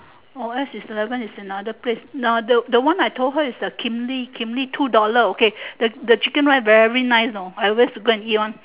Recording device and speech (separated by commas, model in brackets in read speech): telephone, conversation in separate rooms